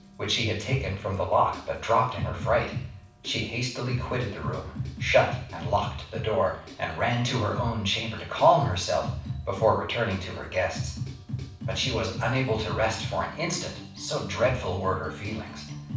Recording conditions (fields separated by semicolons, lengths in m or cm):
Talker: one person; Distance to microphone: 5.8 m; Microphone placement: far; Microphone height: 1.8 m; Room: medium-sized (5.7 m by 4.0 m); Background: music